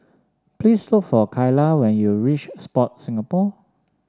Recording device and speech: standing microphone (AKG C214), read sentence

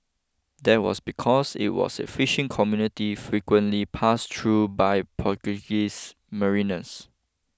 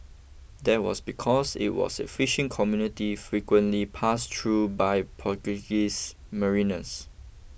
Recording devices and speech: close-talking microphone (WH20), boundary microphone (BM630), read sentence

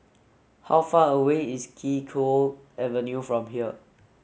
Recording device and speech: mobile phone (Samsung S8), read sentence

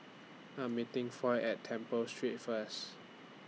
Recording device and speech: mobile phone (iPhone 6), read sentence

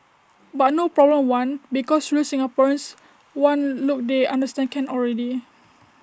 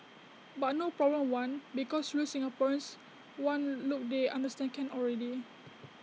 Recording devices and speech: standing microphone (AKG C214), mobile phone (iPhone 6), read sentence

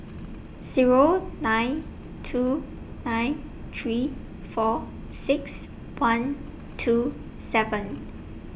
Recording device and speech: boundary microphone (BM630), read sentence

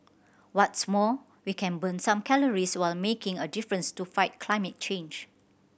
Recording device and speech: boundary microphone (BM630), read sentence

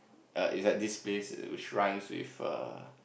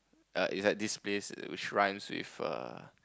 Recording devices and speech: boundary microphone, close-talking microphone, conversation in the same room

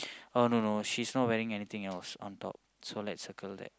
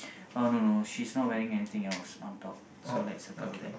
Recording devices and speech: close-talking microphone, boundary microphone, conversation in the same room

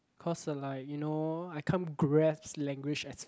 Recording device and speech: close-talking microphone, conversation in the same room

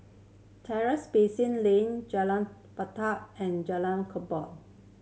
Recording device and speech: mobile phone (Samsung C7100), read sentence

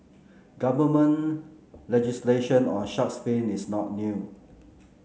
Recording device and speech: mobile phone (Samsung C9), read sentence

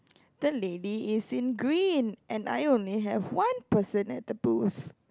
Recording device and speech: close-talking microphone, conversation in the same room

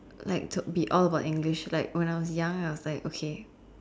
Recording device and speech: standing microphone, conversation in separate rooms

